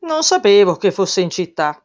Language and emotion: Italian, surprised